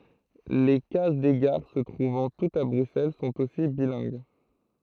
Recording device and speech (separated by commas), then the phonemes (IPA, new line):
throat microphone, read sentence
le kaz de ɡaʁ sə tʁuvɑ̃ tutz a bʁyksɛl sɔ̃t osi bilɛ̃ɡ